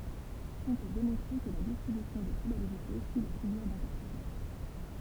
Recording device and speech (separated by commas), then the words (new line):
temple vibration pickup, read sentence
On peut démontrer que la distribution des probabilités suit la figure d'interférence.